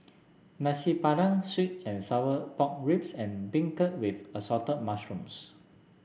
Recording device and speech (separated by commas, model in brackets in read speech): boundary microphone (BM630), read sentence